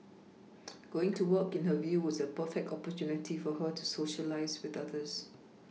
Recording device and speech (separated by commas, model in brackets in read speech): mobile phone (iPhone 6), read sentence